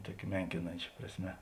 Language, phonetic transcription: Lithuanian, ˈtuokia ˈmenkinančia prasˈme

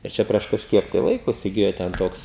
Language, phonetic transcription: Lithuanian, ir ˈčia prieš kažˈkiek tai ˈlaiko isiˈgijo ten ˈtoks

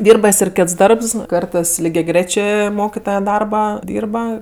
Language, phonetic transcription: Lithuanian, ˈdyrba ˈjis ir ˈkėts ˈdarbs ˈkartɜs ligeˈgrėčė ˈmokitoje ˈdarbaˈdyrba

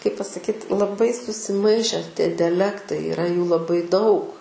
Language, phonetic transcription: Lithuanian, kaip pasaˈkyt laˈbai susiˈmaiše tie diaˈlektai iˈra jų laˈbai daug

